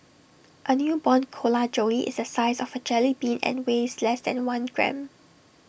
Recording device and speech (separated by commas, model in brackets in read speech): boundary microphone (BM630), read sentence